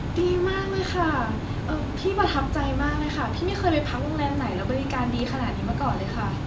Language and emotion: Thai, happy